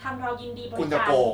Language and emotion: Thai, neutral